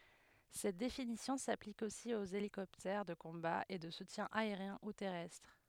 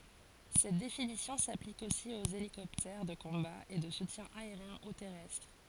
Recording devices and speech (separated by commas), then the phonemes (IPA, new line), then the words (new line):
headset microphone, forehead accelerometer, read sentence
sɛt definisjɔ̃ saplik osi oz elikɔptɛʁ də kɔ̃ba e də sutjɛ̃ aeʁjɛ̃ u tɛʁɛstʁ
Cette définition s'applique aussi aux hélicoptères de combat et de soutien aérien ou terrestre.